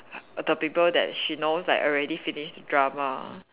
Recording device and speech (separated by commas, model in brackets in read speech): telephone, conversation in separate rooms